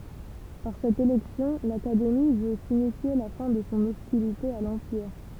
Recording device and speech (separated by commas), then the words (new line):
temple vibration pickup, read sentence
Par cette élection, l'Académie veut signifier la fin de son hostilité à l'Empire.